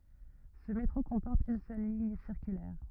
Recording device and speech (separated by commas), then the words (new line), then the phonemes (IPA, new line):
rigid in-ear microphone, read sentence
Ce métro comporte une seule ligne circulaire.
sə metʁo kɔ̃pɔʁt yn sœl liɲ siʁkylɛʁ